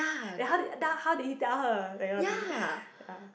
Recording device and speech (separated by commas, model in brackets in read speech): boundary microphone, conversation in the same room